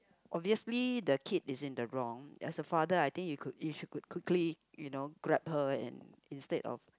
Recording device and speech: close-talking microphone, conversation in the same room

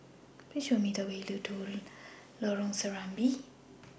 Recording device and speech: boundary microphone (BM630), read sentence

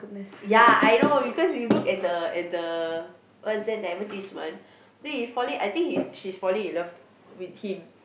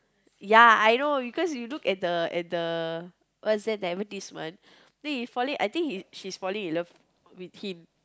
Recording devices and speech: boundary microphone, close-talking microphone, conversation in the same room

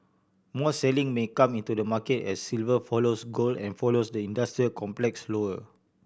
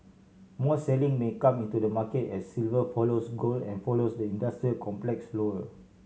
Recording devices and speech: boundary microphone (BM630), mobile phone (Samsung C7100), read sentence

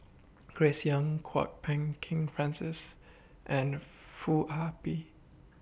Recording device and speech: boundary microphone (BM630), read sentence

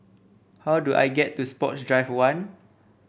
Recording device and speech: boundary microphone (BM630), read sentence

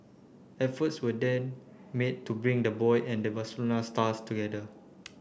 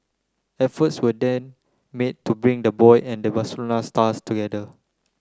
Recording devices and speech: boundary microphone (BM630), close-talking microphone (WH30), read sentence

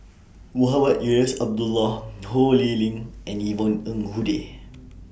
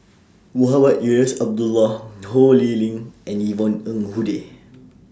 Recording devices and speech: boundary microphone (BM630), standing microphone (AKG C214), read sentence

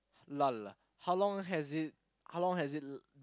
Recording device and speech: close-talking microphone, conversation in the same room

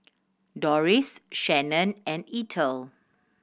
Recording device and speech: boundary microphone (BM630), read sentence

